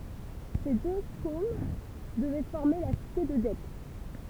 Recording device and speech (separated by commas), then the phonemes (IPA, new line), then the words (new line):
temple vibration pickup, read sentence
se dø kom dəvɛ fɔʁme la site də dɛp
Ces deux Kôms devaient former la cité de Dep.